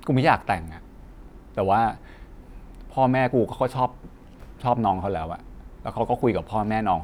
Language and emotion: Thai, frustrated